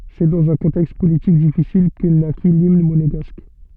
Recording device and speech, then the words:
soft in-ear microphone, read sentence
C'est dans un contexte politique difficile que naquit l'Hymne Monégasque.

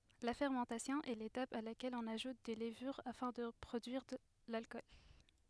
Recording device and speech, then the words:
headset microphone, read sentence
La fermentation est l'étape à laquelle on ajoute des levures afin de produire l'alcool.

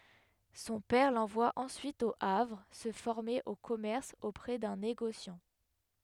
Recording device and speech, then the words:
headset microphone, read sentence
Son père l'envoie ensuite au Havre se former au commerce auprès d'un négociant.

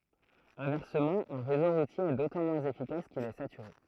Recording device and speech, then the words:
throat microphone, read sentence
Inversement, un réseau routier est d'autant moins efficace qu'il est saturé.

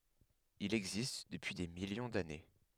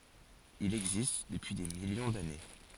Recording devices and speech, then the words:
headset microphone, forehead accelerometer, read sentence
Il existe depuis des millions d'années.

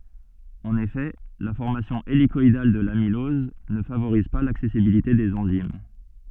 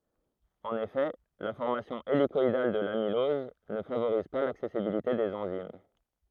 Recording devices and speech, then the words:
soft in-ear microphone, throat microphone, read sentence
En effet, la formation hélicoïdale de l'amylose ne favorise pas l'accessibilité des enzymes.

